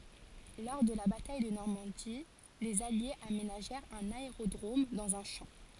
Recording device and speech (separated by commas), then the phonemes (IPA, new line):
forehead accelerometer, read sentence
lɔʁ də la bataj də nɔʁmɑ̃di lez aljez amenaʒɛʁt œ̃n aeʁodʁom dɑ̃z œ̃ ʃɑ̃